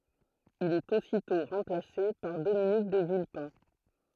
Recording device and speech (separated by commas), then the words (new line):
throat microphone, read sentence
Il est aussitôt remplacé par Dominique de Villepin.